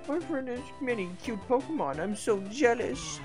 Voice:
silly voice